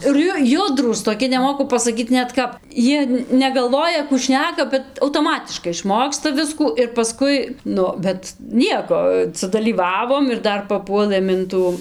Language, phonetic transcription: Lithuanian, ir ˈju ˈjudrūs toˈki neˈmoku pasaˈkyt ˈnet ˈkap ˈjie negalˈvoja kų ˈšneka bet autoˈmatiškai išˈmoksta ˈviskų ir paˈskui ˈnu bet ˈnieko sudalyˈvavom ir ˈdar paˈpuolɘm in ˈtų

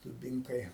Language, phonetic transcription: Lithuanian, duˈbinkai

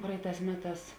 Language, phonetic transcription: Lithuanian, ˈpraiˌtās ˈmeˌtās

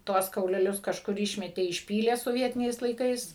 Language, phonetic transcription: Lithuanian, ˈtuos kauleˈlius kažˈkur ˈišmetė išˈpylė soˈvietiniais laiˈkais

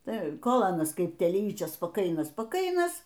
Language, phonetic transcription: Lithuanian, ˈtai ˈkol ˈanas ˈkaip telyčios spaˈkainas spaˈkainas

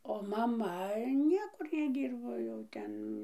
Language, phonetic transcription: Lithuanian, o maˈma ˈniekur neˈdyrbo jau ˈten

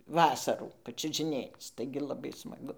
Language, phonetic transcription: Lithuanian, ˈvasarų pačiužiˈnėc ˈtaigi laˈbai smaˈgu

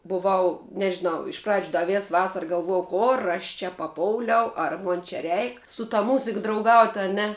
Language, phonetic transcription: Lithuanian, buˈvau nežiˈnau iš pradž' ˈda ˈvės ˈvasara galˈvuojau ˈkor aš čia paˈpouliau ar ˈmon čia ˈreik su ta muzik drauˈgaut' a ˈne

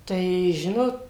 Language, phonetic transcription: Lithuanian, tai ˈžinot

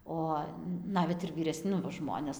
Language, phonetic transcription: Lithuanian, ˈo ˈnavet ir vyreˈs' ˈnu va ˈžmones

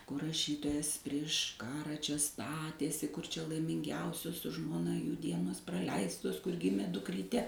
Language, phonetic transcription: Lithuanian, kur raˈšytojas prieš ˈkara ˈčia ˈstatėsi kur ˈčia laiminˈgiausios su žmoˈna jų ˈdienos praˈleistos kur ˈgimė dukˈryte

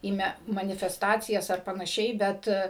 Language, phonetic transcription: Lithuanian, į ˈme manifesˈtacijas ar panaˈšiai ˈbet

